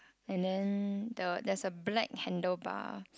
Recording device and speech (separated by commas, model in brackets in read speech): close-talking microphone, conversation in the same room